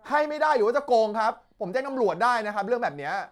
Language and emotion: Thai, angry